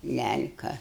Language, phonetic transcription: Lithuanian, ˈlæl'ka

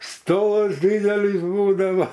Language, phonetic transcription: Lithuanian, ˈstors ˈdydelys ˈbūdavo

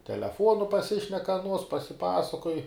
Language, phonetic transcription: Lithuanian, teleˈfuonu paˈsišnek aˈnuos pasiˈpasakoj

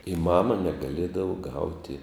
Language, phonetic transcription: Lithuanian, i ˈmama negaˈliedavo ˈgauti

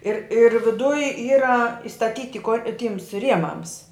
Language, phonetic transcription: Lithuanian, ir ir viˈduj ˈyra istaˈtyti ko ˈtyms ˈriemams

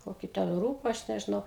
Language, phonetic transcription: Lithuanian, ˈkokį ten ˈrūba ˈaš nežiˈnau

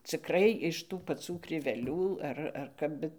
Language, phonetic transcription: Lithuanian, cikˈrai iš ˈtų paˈcų kriveˈlių ˈar ar ˈkap ˈbet

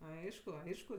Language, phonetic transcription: Lithuanian, ˈaišku ˈaišku

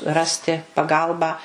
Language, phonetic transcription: Lithuanian, ˈrasti paˈgalbą

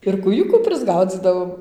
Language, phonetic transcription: Lithuanian, ir kūˈjukų prisˈgaudzydavom

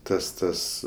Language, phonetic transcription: Lithuanian, ˈtas ˈtas

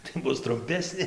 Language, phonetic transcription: Lithuanian, tai ˈbus trumˈpesnė

